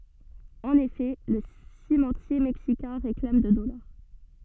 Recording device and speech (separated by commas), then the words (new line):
soft in-ear microphone, read sentence
En effet, le cimentier mexicain réclame de dollars.